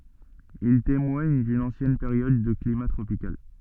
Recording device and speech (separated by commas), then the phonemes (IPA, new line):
soft in-ear microphone, read sentence
il temwaɲ dyn ɑ̃sjɛn peʁjɔd də klima tʁopikal